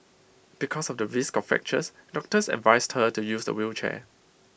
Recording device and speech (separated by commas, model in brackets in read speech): boundary microphone (BM630), read sentence